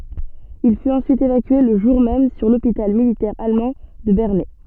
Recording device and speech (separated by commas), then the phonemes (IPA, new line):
soft in-ear microphone, read sentence
il fyt ɑ̃syit evakye lə ʒuʁ mɛm syʁ lopital militɛʁ almɑ̃ də bɛʁnɛ